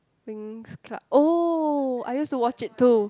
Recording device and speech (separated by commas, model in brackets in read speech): close-talking microphone, conversation in the same room